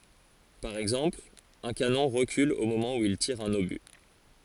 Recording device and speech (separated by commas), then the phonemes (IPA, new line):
forehead accelerometer, read sentence
paʁ ɛɡzɑ̃pl œ̃ kanɔ̃ ʁəkyl o momɑ̃ u il tiʁ œ̃n oby